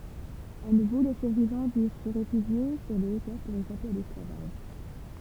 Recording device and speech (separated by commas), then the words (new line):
temple vibration pickup, read sentence
À nouveau, les survivants durent se réfugier sur les hauteurs pour échapper à l'esclavage.